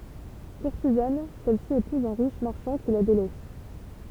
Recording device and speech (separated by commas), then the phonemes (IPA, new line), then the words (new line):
temple vibration pickup, read sentence
kuʁtizan sɛlsi epuz œ̃ ʁiʃ maʁʃɑ̃ ki la delɛs
Courtisane, celle-ci épouse un riche marchand qui la délaisse.